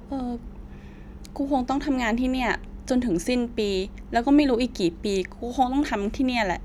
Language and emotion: Thai, frustrated